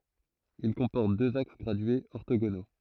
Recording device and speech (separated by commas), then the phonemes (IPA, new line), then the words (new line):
throat microphone, read sentence
il kɔ̃pɔʁt døz aks ɡʁadyez ɔʁtoɡono
Il comporte deux axes gradués orthogonaux.